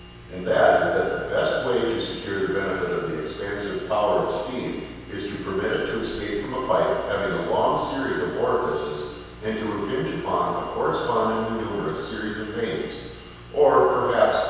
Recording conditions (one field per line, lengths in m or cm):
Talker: one person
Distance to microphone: 7.1 m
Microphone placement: far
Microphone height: 1.7 m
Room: very reverberant, large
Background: none